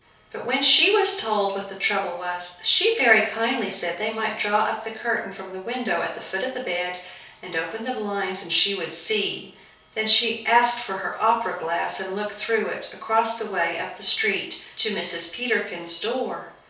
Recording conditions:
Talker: one person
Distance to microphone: 3.0 m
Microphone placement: far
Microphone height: 1.8 m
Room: small (3.7 m by 2.7 m)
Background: none

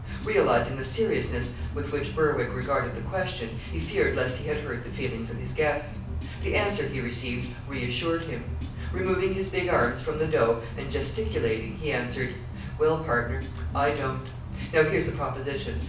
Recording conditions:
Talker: one person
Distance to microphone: 5.8 m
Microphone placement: far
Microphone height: 1.8 m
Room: medium-sized (5.7 m by 4.0 m)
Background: music

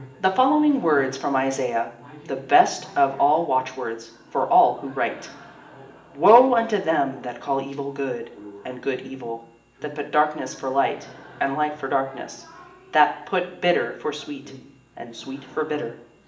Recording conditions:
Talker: one person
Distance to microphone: 1.8 m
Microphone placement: close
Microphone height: 1.0 m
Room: large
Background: television

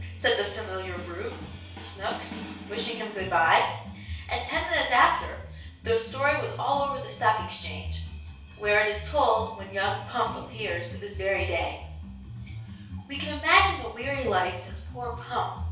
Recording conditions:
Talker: one person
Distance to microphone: 3.0 m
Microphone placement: far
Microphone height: 1.8 m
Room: small (3.7 m by 2.7 m)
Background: music

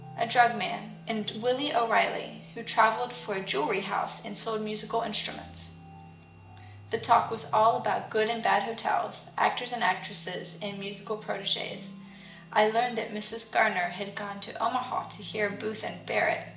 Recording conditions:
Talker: one person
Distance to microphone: 1.8 m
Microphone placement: close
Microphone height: 1.0 m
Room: large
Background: music

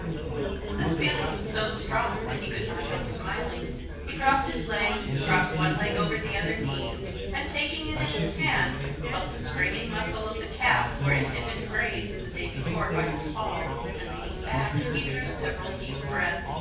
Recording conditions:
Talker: one person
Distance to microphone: 9.8 m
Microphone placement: far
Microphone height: 1.8 m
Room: large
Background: babble

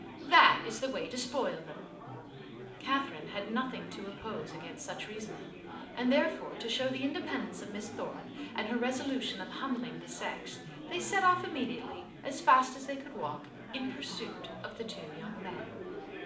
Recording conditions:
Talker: one person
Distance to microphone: 2.0 m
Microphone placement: close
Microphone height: 99 cm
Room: medium-sized (5.7 m by 4.0 m)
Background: babble

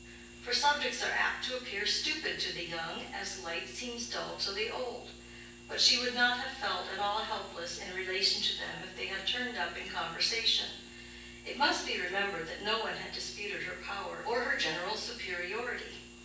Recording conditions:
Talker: one person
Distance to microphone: 9.8 m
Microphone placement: far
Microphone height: 1.8 m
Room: large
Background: none

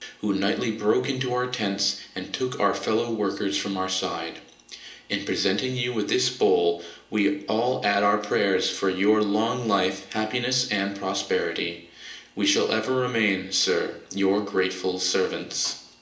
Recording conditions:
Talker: one person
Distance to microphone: 1.8 m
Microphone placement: close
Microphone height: 1.0 m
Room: large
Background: none

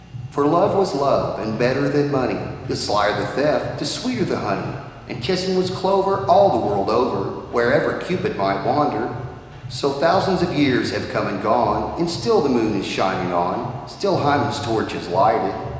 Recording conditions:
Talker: one person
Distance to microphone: 1.7 m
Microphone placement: close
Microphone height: 1.0 m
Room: very reverberant, large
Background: music

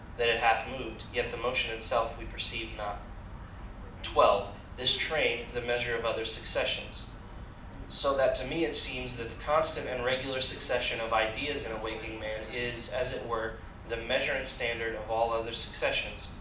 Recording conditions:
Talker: one person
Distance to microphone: 2.0 m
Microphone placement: close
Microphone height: 99 cm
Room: medium-sized (5.7 m by 4.0 m)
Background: television

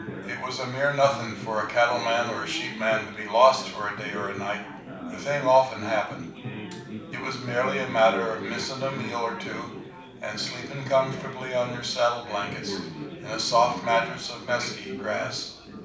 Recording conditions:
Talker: one person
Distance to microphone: 5.8 m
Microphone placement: far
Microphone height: 1.8 m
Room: medium-sized (5.7 m by 4.0 m)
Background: babble

